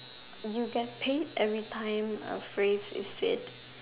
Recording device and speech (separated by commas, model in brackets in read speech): telephone, conversation in separate rooms